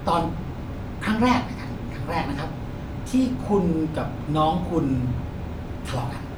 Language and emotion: Thai, frustrated